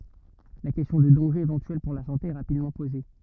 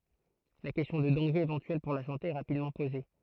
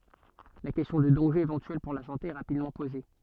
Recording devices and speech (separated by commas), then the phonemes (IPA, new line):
rigid in-ear microphone, throat microphone, soft in-ear microphone, read sentence
la kɛstjɔ̃ də dɑ̃ʒez evɑ̃tyɛl puʁ la sɑ̃te ɛ ʁapidmɑ̃ poze